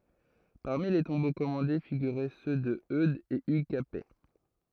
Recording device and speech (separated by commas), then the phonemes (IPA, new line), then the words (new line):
throat microphone, read sentence
paʁmi le tɔ̃bo kɔmɑ̃de fiɡyʁɛ sø də ødz e yɡ kapɛ
Parmi les tombeaux commandés figuraient ceux de Eudes et Hugues Capet.